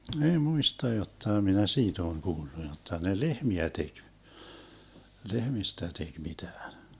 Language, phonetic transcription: Finnish, (min) ei 'muista jottà minä 'siit ‿oon 'kuullu 'jotta ne "lehmiä 'tek , "lehmistä 'tek 'mitään .
- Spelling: minä ei muista jotta minä siitä olen kuullut jotta ne lehmiä teki lehmistä teki mitään

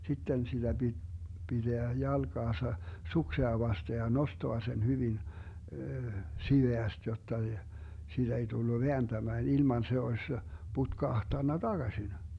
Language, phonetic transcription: Finnish, 'sitten siDä BiD , 'BiDeä 'jalGaasa , 'suksea vaste ja 'nostoa sen 'hyvin , 'siveäst jotta , 'siiDä ei tullu 'veänDämään ilman se oś , 'putkahtanna "DaGasin .
- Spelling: sitten sitä piti pitää jalkaansa suksea vasten ja nostaa sen hyvin siveästi jotta siitä ei tullut vääntämään ilman se olisi putkahtanut takaisin

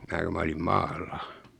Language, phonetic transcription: Finnish, 'mää ku 'mä olim "maalla .
- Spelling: minä kun minä olin maalla

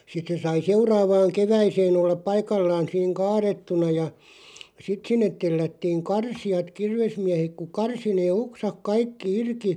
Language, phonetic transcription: Finnish, 'sit se sai "seuraavaaŋ 'keväiseen ‿ollaᵖ "paikallaan̬ siiŋ "kaarettuna ja , 'sit sinnet 'tellättiiŋ "karsiʲat 'kirvesmiähek ku "karsi nee 'oksak "kaikki 'irki ,.
- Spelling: sitten se sai seuraavaan keväiseen olla paikallaan siinä kaadettuna ja sitten sinne tellättiin karsijat kirvesmiehet kun karsi ne oksat kaikki irti

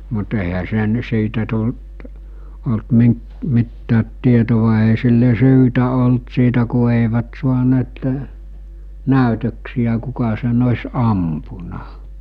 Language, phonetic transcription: Finnish, mut èihä sen siitä tult , olt 'miŋk- , 'mittäät 'tietova èi sille 'syytä olt siitä ku èivät 'suaneettᴇ , "nä̀ytöksijä 'kuka sen os̜ 'ampuna .
- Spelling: mutta eihän se siitä tullut ollut - mitään tietoa ei sille syytä ollut siitä kun eivät saaneet näytöksiä kuka sen olisi ampunut

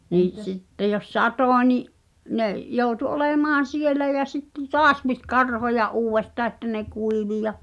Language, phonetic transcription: Finnish, (nii’) sitte jos "satò ńi’ 'ne’ , 'jòu̬tu "olèmaan̬ 'sielä jä sitte "toas pit "karhoja’ '’uuwvestaa ᵉttä ne "kuivi ja ,.
- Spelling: niin sitten jos satoi niin ne joutui olemaan siellä ja sitten taas piti karhoja uudestaan että ne kuivui ja

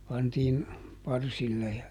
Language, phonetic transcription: Finnish, ˈpantiin , ˈparsille ja ,.
- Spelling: pantiin parsille ja

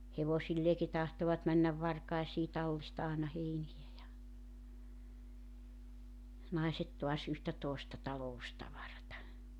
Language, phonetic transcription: Finnish, 'hevosilleeki 'tahtovat männäv 'varkaesii 'tallista aana 'heinijä ja , 'naiset toas yhtä tòesta 'talo₍ustavarata .
- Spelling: hevosilleenkin tahtoivat mennä varkaisiin tallista aina heiniä ja naiset taas yhtä toista taloustavaraa

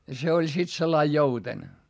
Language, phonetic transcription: Finnish, ja se oĺ sit sellai jouten .
- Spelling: ja se oli sitten sillä lailla jouten

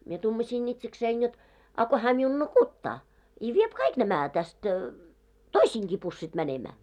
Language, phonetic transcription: Finnish, mie 'tumaśiin ‿itseksein jot , a ko hää miun "nukuttaa , i 'viep "kaik 'nämä täst , "toisiiŋki pussit 'mänemää .
- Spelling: minä tuumasin itsekseni jotta a kun hän minun nukuttaa i vie kaikki nämä tästä toistenkin pussit menemään

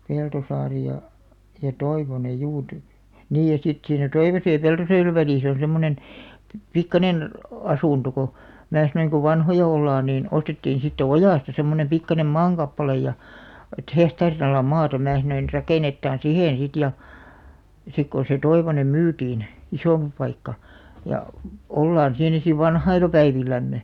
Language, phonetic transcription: Finnish, 'Peltosaari ja , ja 'Toivonej "juu ty- , 'niij ja sit siinä "Toivosej ja "Peltosaarev 'välìs ‿on̬ 'semmonen , pi- , 'pikkanen , 'asùnto ko , "mää sanoiŋ ko 'vanhoja 'ollaan niin , 'ostettiin̬ sitte "Ojàsta semmonem 'pikkanem "maaŋkappalej ja , et "hehtaarin ‿ala 'maata 'mää sanoin » 'rakènettaan "sihèn sit « ja , 'sik kon̬ se 'Toivonem 'myytiin , "isòmpi 'paikka , ja , » 'ollaan siinä siv "vanha̳i̳§la 'päivil̆lämme « .
- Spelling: Peltosaari ja ja Toivonen juu - niin ja sitten siinä Toivosen ja Peltosaaren välissä on semmoinen - pikkuinen asunto kun minä sanoin kun vanhoja ollaan niin ostettiin sitten Ojasta semmoinen pikkuinen maankappale ja että hehtaarin ala maata minä sanoin rakennetaan siihen sitten ja sitten kun se Toivonen myytiin isompi paikka ja ollaan siinä sitten vanhoilla päivillämme

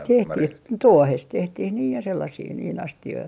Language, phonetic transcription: Finnish, 'tehtih , "tuohest 'tehtih niij ja sellasii niin 'asti₍oi .
- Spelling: tehtiin tuohesta tehtiin niin ja sellaisia niin astioita

